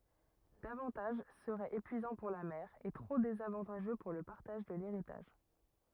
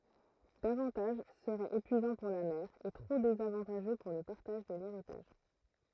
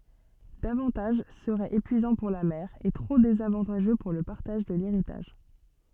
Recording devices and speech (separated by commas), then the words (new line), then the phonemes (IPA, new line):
rigid in-ear microphone, throat microphone, soft in-ear microphone, read sentence
Davantage serait épuisant pour la mère et trop désavantageux pour le partage de l'héritage.
davɑ̃taʒ səʁɛt epyizɑ̃ puʁ la mɛʁ e tʁo dezavɑ̃taʒø puʁ lə paʁtaʒ də leʁitaʒ